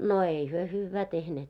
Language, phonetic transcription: Finnish, no 'èi hyö 'hyyvvää tehneet .
- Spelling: no ei he hyvää tehneet

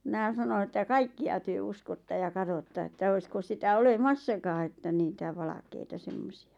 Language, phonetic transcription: Finnish, 'mⁱnä sano että » "kaikki₍a työ "uskotta ja "katotta että 'oisko sitä 'ole"massakaa että niitä 'valᵃkeita 'semmosi₍a « .
- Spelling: minä sanoin että kaikkia te uskotte ja katsotte että olisiko sitä olemassakaan että niitä valkeita semmoisia

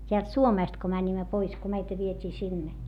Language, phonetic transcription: Finnish, t́eält Suomèst ko mäńimmä pois ko meitä viet́ii sinne .
- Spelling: täältä Suomesta kun menimme pois kun meitä vietiin sinne

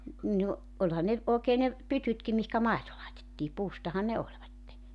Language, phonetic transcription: Finnish, ni no , 'oĺha ne , 'òekee ne , 'pytytkim mihkä "maeto laetettii 'puustahan ne 'oĺvatte .
- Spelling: niin no olihan ne oikein ne pytytkin mihinkä maito laitettiin puustahan ne olivat

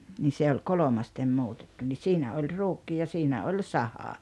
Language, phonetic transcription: Finnish, ni 'se oĺ "kolomastem 'muutettu ni 'siinä oĺ 'ruukki ja 'siinä ol 'saha .
- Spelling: niin se oli kolmasti muutettu niin siinä oli ruukki ja siinä oli saha

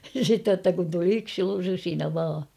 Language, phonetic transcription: Finnish, 'sittej jotta kun tuli "yksi 'rusina 'vaa .
- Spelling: sitten jotta kun tuli yksi rusina vain

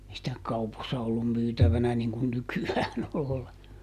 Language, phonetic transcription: Finnish, ˈei sitä , ˈkaupossa ollum ˈmyytävänä niŋkun ˈnyky₍ään -- .
- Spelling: ei sitä kaupoissa ollut myytävänä niin kun nykyään -

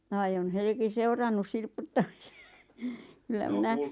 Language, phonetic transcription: Finnish, - - vai 'on "Helki 'seurannus "silputtamisᴇ , kyllä 'minä ...
- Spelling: vai on Helki seurannut silputtamisen kyllä minä

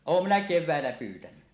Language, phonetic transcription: Finnish, oom minä 'kev̆vä̀ellä pyytäny .
- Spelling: olen minä keväällä pyytänyt

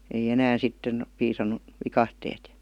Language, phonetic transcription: Finnish, ei 'enään sitten , piisannu , 'vikahteet .
- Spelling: ei enää sitten piisannut viikatteet

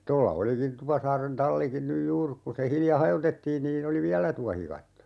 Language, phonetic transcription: Finnish, "tolla 'olikin 'Tupasaaren 'tallikin 'nyj "juur , ku se 'hilja "hajotettiin nii'n ‿oli "viälä 'tuahikatto .
- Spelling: tuolla olikin Tupasaaren tallikin nyt juuri kun se hiljan hajotettiin niin oli vielä tuohikatto

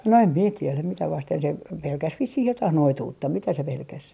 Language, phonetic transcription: Finnish, no 'em mie 'tieläm mitä 'vasten se , "pelkäs 'vissih 'jotah "noituutta mitä se 'pelkäs .
- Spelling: no en minä tiedä mitä vasten se pelkäsi vissiin jotakin noituutta mitä se pelkäsi

